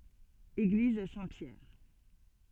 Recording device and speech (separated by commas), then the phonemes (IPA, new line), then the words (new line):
soft in-ear microphone, read sentence
eɡliz sɛ̃tpjɛʁ
Église Saint-Pierre.